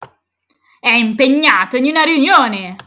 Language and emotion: Italian, angry